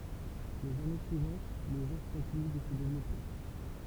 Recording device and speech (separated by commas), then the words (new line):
temple vibration pickup, read sentence
Les années suivantes, le genre continue de se développer.